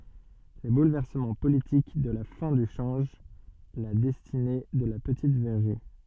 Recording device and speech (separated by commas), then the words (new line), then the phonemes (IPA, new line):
soft in-ear microphone, read sentence
Les bouleversements politiques de la fin du change la destinée de la petite verrerie.
le bulvɛʁsəmɑ̃ politik də la fɛ̃ dy ʃɑ̃ʒ la dɛstine də la pətit vɛʁʁi